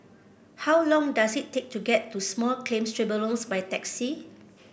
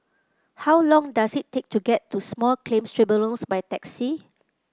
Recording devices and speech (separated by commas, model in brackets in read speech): boundary microphone (BM630), close-talking microphone (WH30), read sentence